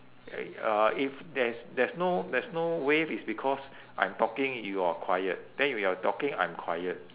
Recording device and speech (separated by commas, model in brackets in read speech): telephone, conversation in separate rooms